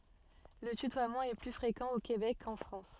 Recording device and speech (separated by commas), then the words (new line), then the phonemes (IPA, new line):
soft in-ear microphone, read sentence
Le tutoiement est plus fréquent au Québec qu'en France.
lə tytwamɑ̃ ɛ ply fʁekɑ̃ o kebɛk kɑ̃ fʁɑ̃s